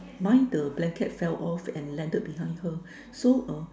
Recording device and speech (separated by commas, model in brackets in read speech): standing microphone, conversation in separate rooms